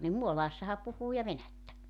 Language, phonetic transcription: Finnish, nim "Muolaassaha 'puhuu ja "venättä .
- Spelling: niin Muolaassahan puhuu ja venäjää

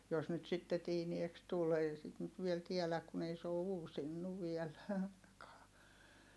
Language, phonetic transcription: Finnish, jos nyt sitte tiinieks tul ei sit nyt viel tiɛläk kun ‿ei se oo uusinnu viɛl (ainakaa) .
- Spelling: jos nyt sitten tiineeksi tuli ei sitä nyt vielä tiedä kun ei se ole uusinut vielä ainakaan

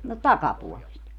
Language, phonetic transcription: Finnish, no "takapuolest .
- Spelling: no takapuolesta

